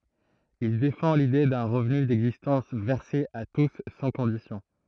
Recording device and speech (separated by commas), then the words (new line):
throat microphone, read sentence
Il défend l'idée d'un revenu d'existence versé à tous sans conditions.